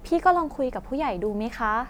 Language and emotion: Thai, neutral